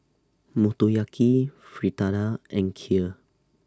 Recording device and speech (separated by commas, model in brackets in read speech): standing microphone (AKG C214), read sentence